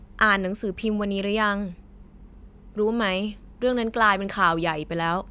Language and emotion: Thai, frustrated